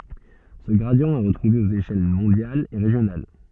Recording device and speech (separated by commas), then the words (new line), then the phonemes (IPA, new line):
soft in-ear microphone, read sentence
Ce gradient est retrouvé aux échelles mondiales et régionales.
sə ɡʁadi ɛ ʁətʁuve oz eʃɛl mɔ̃djalz e ʁeʒjonal